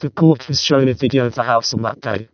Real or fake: fake